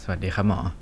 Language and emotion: Thai, neutral